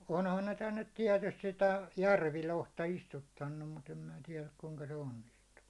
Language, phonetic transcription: Finnish, 'onhan ne 'tännet 'tiɛtust sitä , "järvilohta 'istuttannum mut ‿em mⁱⁿä 'tiɛläk kuŋka se 'onnistuu .
- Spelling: onhan ne tänne tietysti sitä järvilohta istuttanut mutta en minä tiedä kuinka se onnistuu

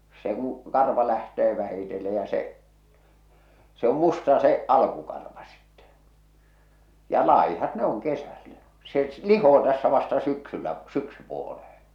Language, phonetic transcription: Finnish, no se ‿oo̰ , se se ‿o se 'karvam'muutto kun ‿o , se kuṵ , 'karva lähtee vähitelle ja se , se ‿om 'musta se , 'alkukarva sɪttᴇ , ja 'làihat 'ne oŋ 'kesällä , se , "lihoo tässä vasta 'syksyllä , "syksypuoleheḛ .
- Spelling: no se on se se on se karvanmuutto kun on se kun karva lähtee vähitellen ja se se on musta se alkukarva sitten ja laihat ne on kesällä se lihoo tässä vasta syksyllä syksypuoleen

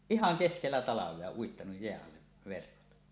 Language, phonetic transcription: Finnish, ihaŋ "keskellä "talav̀ea 'uittanuj 'jeäˀ 'ˀalleᵛ verkot .
- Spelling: ihan keskellä talvea uittanut jään alle verkot

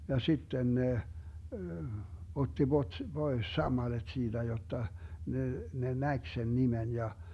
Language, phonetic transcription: Finnish, ja 'sitten ne , 'otti Bot- , "Bois 'sammaleD 'siiDä jotta , ne , ne "näk sen 'nimen ja , .
- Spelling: ja sitten ne otti - pois sammalet siitä jotta ne ne näki sen nimen ja

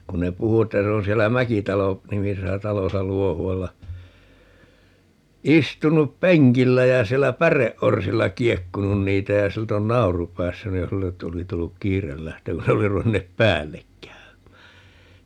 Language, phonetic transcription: Finnish, 'kun ne 'puhu 'että 'se on 'siellä "Mäkitalo- , '-nimisesä "talosa 'Luohu₍alla , 'istunup "peŋkillä ja 'siellä "päreʼʼorsilla 'kiekkunun 'niitä ja 'silt ‿on "nau̬ru 'päässyn niin ('sille) 'oli 'tulluk "kiirel 'lähtemää (kun ne) oli 'ruvenneep "päällek 'käöm̀ää .
- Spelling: kun ne puhui että se on siellä - Mäkitalo-nimisessä talossa Luohualla istunut penkillä ja siellä päreorsilla kiekkunut niitä ja siltä on nauru päässyt niin sille oli tullut kiire lähtemään kun ne oli ruvenneet päälle käymään

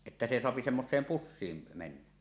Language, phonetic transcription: Finnish, että se soapi 'semmos̀eem "pussiim mennä .
- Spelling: että se saa semmoiseen pussiin mennä

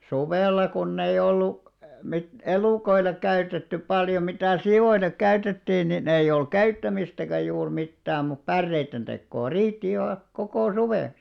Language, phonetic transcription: Finnish, 'suvèlla kunneiʲ ‿ollu , mit- 'elùkoillek käytettyp 'paljo mitä̀ "si₍oilek 'käytettiin nin ‿eiʲ ‿ol "käyttämistäkä juur 'mittääm̆ mup 'pärreitten ᴅekkoo "riitti ihà , 'kokò 'suvèks .
- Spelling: suvella kun ei ollut - elukoille käytetty paljon mitä sioillekin käytettiin niin ei oli käyttämistäkään juuri mitään mutta päreiden tekoa riitti ihan koko suveksi

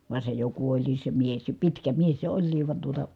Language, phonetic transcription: Finnish, vàe se jo kuoĺliis se mies , ja pitkä mies se oĺliiv van tuota ,.
- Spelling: vaan se jo kuoli se mies ja pitkä mies se olikin vaan tuota

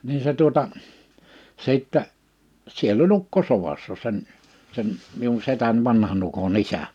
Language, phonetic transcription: Finnish, nii se tuota , 'sìttɛ , 'siell ‿o"ĺ ‿ukko sovassa sen , sen , miun 'setän 'vanhan ‿uko"n ‿isä .
- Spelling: niin se tuota sitten siellä oli ukko sodassa sen sen minun setäni vanhan ukon isä

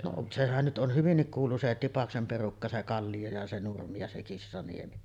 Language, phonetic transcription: Finnish, no , 'sehän nyt ˀon 'hyvinnik kuulu se , 'Tipaksem 'perukka , se 'Kallijo ja se 'Nurmi ja se 'Kissaniemi .
- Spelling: no sehän nyt on hyvinkin kuulu se Tipaksen perukka se Kallio ja se Nurmi ja se Kissaniemi

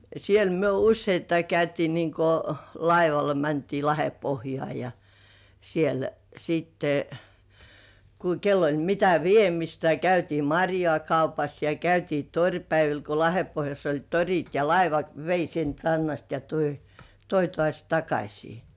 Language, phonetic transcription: Finnish, siel myö "usseittai 'käytii niŋko "laivala mäntii Lahepohjŏà ja , siel , siitte , ku kell ‿oĺ mitä "viemistä (ja) käytii "maŕjŏà 'kaupas ja 'käytii "toŕpäivil ko 'Lahempohjass ‿oĺ "toŕit ja "laivat vei siint 'rannast ja toi , 'toi tŏàś "takaśii .
- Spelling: siellä me useittain käytiin niin kuin laivalla mentiin Lahdenpohjaan ja siellä sitten kun kenellä oli mitä viemistä ja käytiin marjaa kaupassa ja käytiin toripäivillä kun Lahdenpohjassa oli torit ja laivat vei siitä rannasta ja toi toi taas takaisin

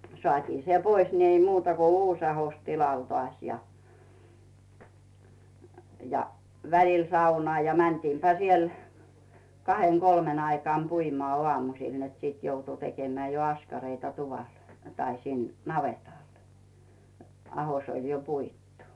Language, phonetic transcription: Finnish, 'soàtii "se 'pois ni ei 'muuta ko "uus 'ahos tilal toàś ja , ja , "välil 'saunᵒà ja 'mäntiimpä siel , "kaheŋ "kolmen aikaam 'puimᵒà 'ᵒàmusil net sit 'joutu tekemᵉä jo 'askareita tuval , tai sin 'navetal , 'aho s ‿oĺ jo "puittu .
- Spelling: saatiin se pois niin ei muuta kuin uusi ahdos tilalle taas ja ja välillä saunaan ja mentiinpä siellä kahden kolmen aikaan puimaan aamusilla että sitten joutui tekemään jo askareita tuvalla tai sinne navetalla ahdos - oli jo puitu

